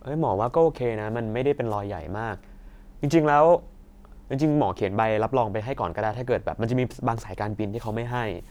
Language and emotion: Thai, neutral